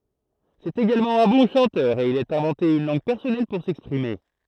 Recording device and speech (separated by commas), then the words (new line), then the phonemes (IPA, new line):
throat microphone, read sentence
C'est également un bon chanteur, et il a inventé une langue personnelle pour s'exprimer.
sɛt eɡalmɑ̃ œ̃ bɔ̃ ʃɑ̃tœʁ e il a ɛ̃vɑ̃te yn lɑ̃ɡ pɛʁsɔnɛl puʁ sɛkspʁime